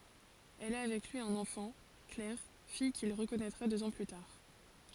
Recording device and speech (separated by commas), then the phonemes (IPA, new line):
forehead accelerometer, read sentence
ɛl a avɛk lyi œ̃n ɑ̃fɑ̃ klɛʁ fij kil ʁəkɔnɛtʁa døz ɑ̃ ply taʁ